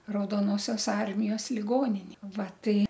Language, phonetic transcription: Lithuanian, raudoˈnosios ˈarmijos liˈgonini ˈva ˈtai

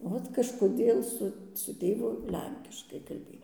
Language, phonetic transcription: Lithuanian, ˈvot kažkoˈdėl ˈsu su ˈtėvu ˈlenkiškai kalˈbėj

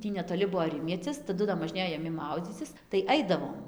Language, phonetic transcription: Lithuanian, ˈtį netoˈli ˈbuvo ˈrimiecis taˈdu da možˈnėjo jaˈmi ˈmaudzycis tai ˈaidavom

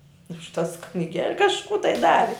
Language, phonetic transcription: Lithuanian, už tas kniˈgel' kažˈkų tai ˈdavi

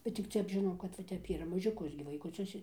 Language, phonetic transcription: Lithuanian, bet tik ˈtep žiˈnau kad va ˈtep ˈyra mažiuˈkus gi vaikuˈcius

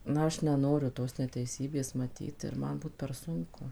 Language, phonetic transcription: Lithuanian, ˈna ˈaš neˈnoriu ˈtos neteiˈsybės maˈtyt ir ˈman ˈbūt per ˈsunku

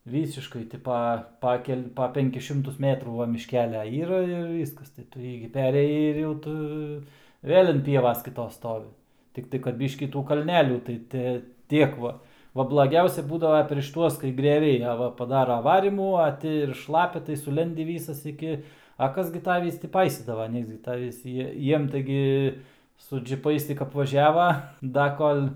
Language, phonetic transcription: Lithuanian, ˈvysiškai ˈti pa ˈpa kel' pa ˈpenkis ˈšimtus ˈmetrų ˈva mišˈkelia ˈyra ir ˈvyskas tai ˈtu ˈjį gi ˈperėjai ir jau ˈtu ˈvėl' an ˈpievas kiˈtos ˈstovi tikˈtai kad ˈbyškį ˈtų kalˈnelių tai ˈti ˈtiek va ˈva blaˈgiausia ˈbūdava preš ˈtuos kai griaˈviai a ˈva paˈdara ˈvarymų a ˈti ir ˈšlapia tai suˈlendi ˈvysas iˈki a ˈkas gi ˈtavįs ti ˈpaisydava ˈnieks gi ˈtavįs ˈjie ˈjiem tai ˈgi su džiˈpais tik apvaˈžiava ˈda ˈkol'

